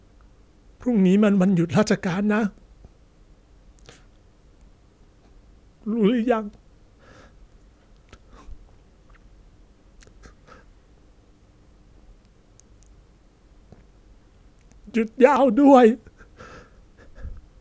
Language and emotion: Thai, sad